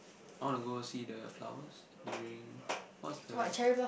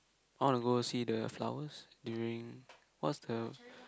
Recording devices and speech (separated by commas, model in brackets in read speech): boundary microphone, close-talking microphone, conversation in the same room